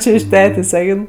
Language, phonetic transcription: Lithuanian, ˈčė iš ˈtetės' ˈein

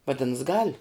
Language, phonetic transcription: Lithuanian, vaˈdins gal'

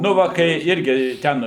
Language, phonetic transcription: Lithuanian, ˈnu va kai ˈirgi ˈten

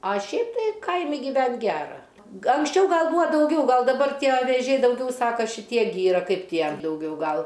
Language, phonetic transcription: Lithuanian, a ˈšiaip tai ˈkaimi gyˈvent' ˈgera ga anksˈčiau ˈgal ˈbūa dauˈgiau ˈgal daˈbar ˈtie vėˈžiai dauˈgiau ˈsaka šiˈtie gi ˈyra ˈkaip ˈtie dauˈgiau ˈgal

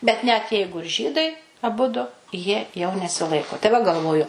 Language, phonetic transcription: Lithuanian, bet net ˈjeigu ir ˈžydai aˈbudu jie jau nesiˈlaiko tai va galˈvoju

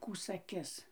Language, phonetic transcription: Lithuanian, ˈkų saˈkis

